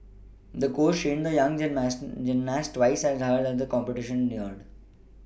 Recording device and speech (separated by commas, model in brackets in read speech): boundary microphone (BM630), read sentence